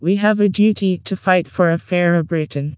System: TTS, vocoder